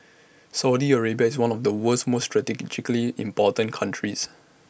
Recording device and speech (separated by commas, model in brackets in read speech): boundary microphone (BM630), read sentence